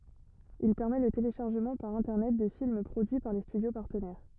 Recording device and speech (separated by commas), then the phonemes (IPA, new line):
rigid in-ear microphone, read sentence
il pɛʁmɛ lə teleʃaʁʒəmɑ̃ paʁ ɛ̃tɛʁnɛt də film pʁodyi paʁ le stydjo paʁtənɛʁ